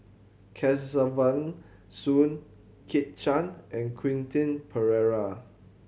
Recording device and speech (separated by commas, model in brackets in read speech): mobile phone (Samsung C7100), read sentence